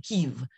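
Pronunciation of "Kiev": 'Kiev' is pronounced incorrectly here.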